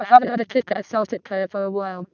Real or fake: fake